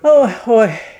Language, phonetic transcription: Lithuanian, ˈo ˈoi

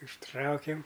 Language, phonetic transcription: Lithuanian, užˈtraukiam

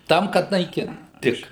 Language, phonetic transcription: Lithuanian, ˈtam kad naiˈkint ˈtik

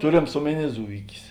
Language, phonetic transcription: Lithuanian, ˈturėms ˈomeˌny ˈzuikis

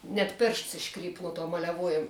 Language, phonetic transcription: Lithuanian, net ˈpėršts išˈkryp nu tuo maleˈvuojem

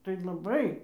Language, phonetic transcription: Lithuanian, tai laˈbai

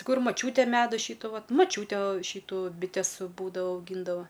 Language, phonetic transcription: Lithuanian, ˈkur maˈčiūtė ˈmedu ˈšytu ˈvat maˈčiūtė ˈšytų biˈtes ˈbūdavo auˈgyndavo

